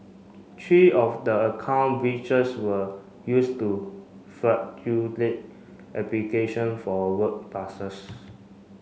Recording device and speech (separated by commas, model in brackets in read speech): mobile phone (Samsung C5), read sentence